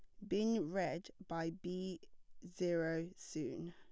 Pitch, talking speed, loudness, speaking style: 180 Hz, 105 wpm, -41 LUFS, plain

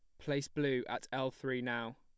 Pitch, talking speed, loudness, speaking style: 130 Hz, 200 wpm, -38 LUFS, plain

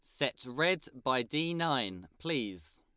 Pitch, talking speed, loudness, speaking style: 140 Hz, 140 wpm, -33 LUFS, Lombard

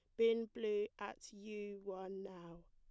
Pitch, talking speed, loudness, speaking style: 205 Hz, 145 wpm, -42 LUFS, plain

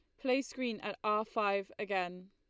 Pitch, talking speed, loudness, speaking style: 210 Hz, 170 wpm, -35 LUFS, Lombard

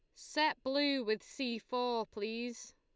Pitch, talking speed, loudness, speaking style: 245 Hz, 140 wpm, -36 LUFS, Lombard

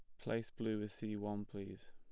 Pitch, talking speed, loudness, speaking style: 105 Hz, 210 wpm, -43 LUFS, plain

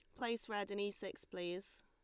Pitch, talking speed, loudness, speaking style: 205 Hz, 220 wpm, -44 LUFS, Lombard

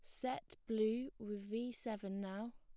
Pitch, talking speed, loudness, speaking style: 220 Hz, 155 wpm, -43 LUFS, plain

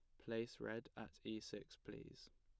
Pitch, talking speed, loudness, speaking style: 110 Hz, 170 wpm, -51 LUFS, plain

